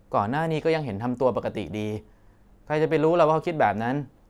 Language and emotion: Thai, frustrated